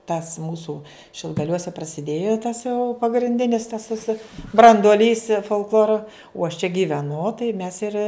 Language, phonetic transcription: Lithuanian, tas ˈmūsu šilgaˈliuose prasiˈdėjo tas jau pagrinˈdinis tas ˈvisa branduoˈlys folkˈlora uo aš čia giveˈnu tai mes ir

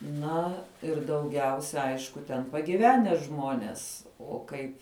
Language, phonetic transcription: Lithuanian, ˈna ir dauˈgiausia ˈaišku ten pagiˈvene ˈžmonės o ˈkaip

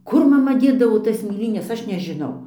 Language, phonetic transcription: Lithuanian, ˈkur maˈma ˈdėdavo tas mėˈlynes ˈaš nežiˈnau

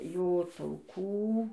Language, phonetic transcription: Lithuanian, ˈjo tauˈkų

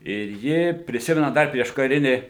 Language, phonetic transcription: Lithuanian, ir ˈji priˈsimena ˈdar prieškaˈrini

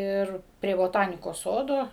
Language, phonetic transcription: Lithuanian, ˈir prie boˈtanikos ˈsodo

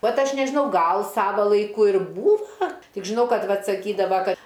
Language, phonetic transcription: Lithuanian, ˈvat ˈaš nežiˈnau ˈgal ˈsava laiˈku ir ˈbūva ˈtik žiˈnau ˈkad ˈvat saˈkydava ˈkad

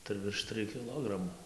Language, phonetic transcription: Lithuanian, tai virš ˈtrɨj kiˈlogramų

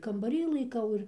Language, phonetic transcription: Lithuanian, kambaˈry laiˈkau ir

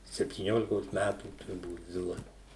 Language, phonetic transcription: Lithuanian, septyˈniolikos ˈmætų turˈbūt ˈzila

